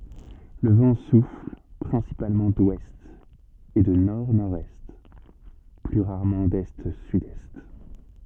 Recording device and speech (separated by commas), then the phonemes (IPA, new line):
soft in-ear microphone, read sentence
lə vɑ̃ sufl pʁɛ̃sipalmɑ̃ dwɛst e də nɔʁdnɔʁdɛst ply ʁaʁmɑ̃ dɛstsydɛst